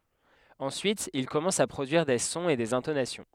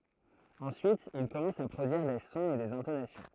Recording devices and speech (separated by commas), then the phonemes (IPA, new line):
headset microphone, throat microphone, read sentence
ɑ̃syit il kɔmɑ̃s a pʁodyiʁ de sɔ̃z e dez ɛ̃tonasjɔ̃